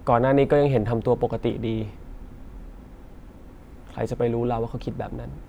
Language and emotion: Thai, sad